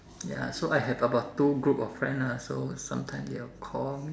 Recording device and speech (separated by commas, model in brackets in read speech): standing microphone, conversation in separate rooms